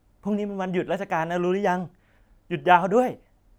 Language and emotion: Thai, happy